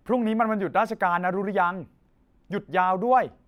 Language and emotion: Thai, neutral